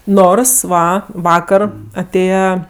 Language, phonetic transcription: Lithuanian, ˈnors ˈva ˈvakar aˈtėja

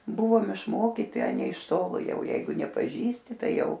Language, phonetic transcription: Lithuanian, ˈbuvom išˈmokyti a ˈnei iš ˈtolo ˈjau ˈjeigu nepaˈžįsti ˈtai ˈjau

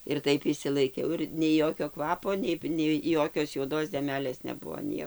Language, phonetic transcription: Lithuanian, ir ˈtaip išsilaiˈkiau ir nei ˈjokio ˈkvapo ˈnei nei ˈjokios juoˈdos deˈmelės neˈbuo ˈnie

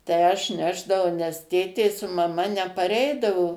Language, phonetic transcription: Lithuanian, tai ˈaš ˈnešdavau nes ˈtėtė su maˈma nepaˈreidavo

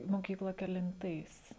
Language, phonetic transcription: Lithuanian, moˈkykla kelinˈtais

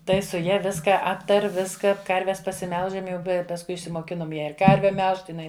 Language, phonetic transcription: Lithuanian, ˈtai su ˈja ˈviska ˈaptar' ˈviska ˈkarves pasiˈmelžam ˈjau ˈbe pasˈkui išsimoˈkinom ˈją ir ˈkarve ˈmelžt iˈnai

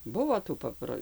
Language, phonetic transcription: Lithuanian, ˈbuvo tų ˈpapro

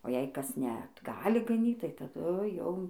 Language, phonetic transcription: Lithuanian, o jei ˈkas ne t ˈgali gaˈnyt tai taˈdu jau

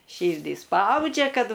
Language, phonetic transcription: Lithuanian, ˈšyrdį ˈspaudžia ˈkad

